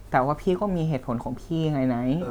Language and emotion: Thai, sad